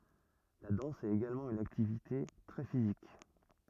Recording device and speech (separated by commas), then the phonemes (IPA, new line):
rigid in-ear microphone, read sentence
la dɑ̃s ɛt eɡalmɑ̃ yn aktivite tʁɛ fizik